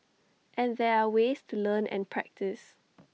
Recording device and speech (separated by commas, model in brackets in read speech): mobile phone (iPhone 6), read sentence